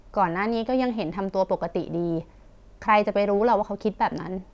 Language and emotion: Thai, frustrated